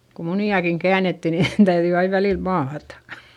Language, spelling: Finnish, kun muniakin käännettiin niin täytyi aina välillä maata
- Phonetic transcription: ku muni₍akiŋ käänetti ni , täyδyi aiv välìl maatA .

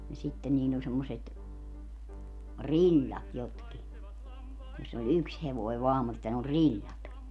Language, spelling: Finnish, ja sitten niillä oli semmoiset rillat jotkin jossa oli yksi hevonen vain mutta ne oli rillat
- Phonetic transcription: ja 'sitten niill ‿oĺ semmoset , "riĺĺat 'jotki , joss ‿oĺ "yks hevoi 'vaam mutta ne oĺ 'riĺĺat .

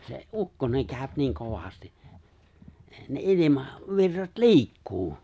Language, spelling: Finnish, se ukkonen käy niin kovasti ne - ilmavirrat liikkuu
- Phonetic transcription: se , "’ukkoneŋ 'kääᵒ̈p 'niiŋ 'kovasti , ne '’ilima- , 'virrat "li̬ikkuu .

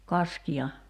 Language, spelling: Finnish, kaskia
- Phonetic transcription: 'kaskia ?

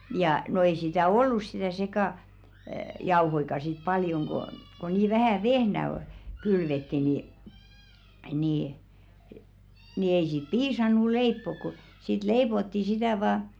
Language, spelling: Finnish, ja no ei sitä ollut sitä - sekajauhojakaan sitten paljon kun kun niin vähän vehnää oli kylvettiin niin niin niin ei siinä piisannut leipoa kun siitä leivottiin sitä vain
- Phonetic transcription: jà , no ei sitä "ollus sɪtä̀ sekà- , '-jauhoika sit paljoŋ ɢo , ko nii 'vähä̀ "vehnä oʟ , 'kylvetti ni , nì , ni ei siiᵗ "piisannu 'leippok ko̭ , siit 'leipotti sitä̀ vaa ,.

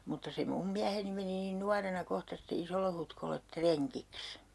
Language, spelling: Finnish, mutta se minun mieheni meni niin nuorena kohta sitten Isolle-Hutkolle rengiksi
- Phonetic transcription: mutta 'se "mum miäheni meni niin 'nuarena 'kohta sitte 'Isollehutkollet "treŋkiks .

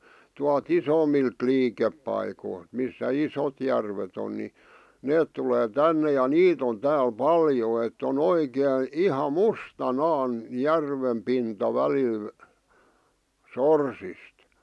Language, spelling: Finnish, tuolta isommilta liikepaikoilta missä isot järvet on niin ne tulee tänne ja niitä on täällä paljon että on oikein ihan mustanaan järven pinta välillä sorsista
- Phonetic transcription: tual"t ‿isòmilt 'liikeppaikoilt , missä "isot järvet ‿on ni , "neet tulee 'tänne ja "niit ‿on 'tääl "paljo ett ‿on 'oikèⁱ , "iha "musta'naan , "järvem pinta 'välil , "sorsist .

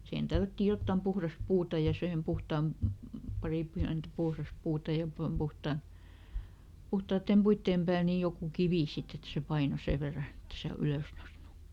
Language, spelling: Finnish, siihen tällättiin jotakin puhdasta puuta ja siihen puhtaan pari pientä puhdasta puuta ja - - puhtaiden puiden päälle niin joku kivi sitten että se painoi sen verran että ei se ylös noussut
- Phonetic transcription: sihen "tällättiij ˈjottàm ˈpuhras "puuta ja ˈsihem ˈpuhtaam , ˈpari ˈpiäntᵃ̈ "puhras ˈpuuta ja pom- ˈpuhtà- , ˈpuhtaattèm "puitteem pääl ni ˈjokù "kivì ˈsit ‿et se ˈpaino "sè verra ˈett ‿e se "ylös ˈnosnu .

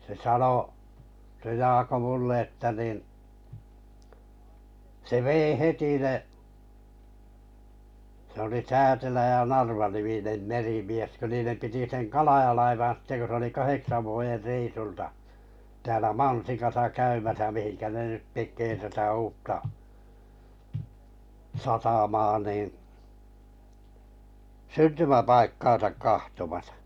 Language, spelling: Finnish, se sanoi se Jaakko minulle että niin se vei heti ne se oli Täätelä ja Narva-niminen merimies kun niiden piti sen Kalaja-laivan sitten kun se oli kahdeksan vuoden reissulta täällä Mansikassa käymässä mihinkä ne nyt tekee tätä uutta satamaa niin syntymäpaikkaansa katsomassa
- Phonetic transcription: se 'sano , se 'Jaako 'mulle että nìn , se "vèi "heti ne , se ‿oli 'Täätelä ja 'Narva-niminem 'merimies kö 'niinem 'piti seŋ "Kalaʲa-laivan̬ sitte ko se oli 'kaheksa vuojer 'reisulta , täälä 'Mansikasa 'käymäsä mihinkä ne nyt 'tek̆kee tätä 'uutta , 'satamaa nìn , "syntymäpaikkaan̬sak kahtomasᴀ .

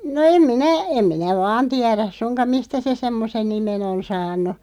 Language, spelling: Finnish, no en minä en minä vain tiedä suinkaan mistä se semmoisen nimen on saanut
- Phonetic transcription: no 'em 'minä , 'em minä "vaan 'tiäräs 'suŋkaᵐ "mistä se 'semmosen "nimen ‿on 'saan̆nu .

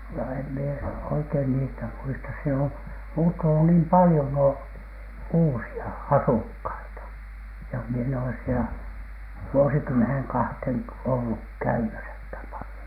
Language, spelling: Finnish, no en minä oikein niistä muista siellä on muuttunut niin paljon nuo uusia asukkaita ja minä en ole siellä vuosikymmeneen kahteen ollut käymässäkään paljon
- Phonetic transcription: no em mie , 'oikein niistä "muistas siel ‿om 'muuttunu niim 'palⁱjon nuo , 'uusi₍a "asukhaita , ja mie en oles sielä , vuosikymmenhen kahthèn olluk "käymäsäkhäm palⁱjoN .

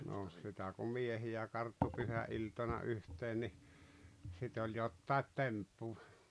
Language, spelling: Finnish, no sitä kun miehiä karttui pyhäiltana yhteen niin sitä oli jotakin temppua
- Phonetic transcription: 'noh , sitä ku 'miehi₍ä karttu 'pyhä’iltana 'yhteen ni , 'sit ‿oĺ jottài̬t "temppuᴠᴀ .

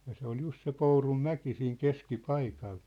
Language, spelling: Finnish, ja se oli juuri se Pourunmäki siinä keskipaikalla
- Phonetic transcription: ja se ‿ol 'jus(t) se 'Pourum'mäki siiŋ 'keski'paikal .

